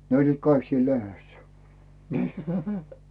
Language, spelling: Finnish, ne olivat kaikki siinä lehdessä niin
- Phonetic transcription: ne oĺliit "kaik siil 'lehessᴀ̈ , nə .

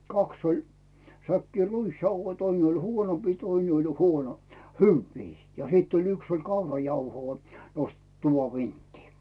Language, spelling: Finnish, kaksi oli säkkiä ruisjauhoja toinen oli huonompia toinen oli huono hyviä ja sitten oli yksi oli kaurajauhoa nostettu tuvan vinttiin
- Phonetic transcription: 'kaks ‿oĺ , säkkii 'ruisjauhoi , 'toin ‿oĺ 'huonompii 'toine oĺ 'huono , "hyvvii , ja 'hìt oĺ 'yks oĺ "kaurajauhoo , nostet 'tuvav "vinttii .

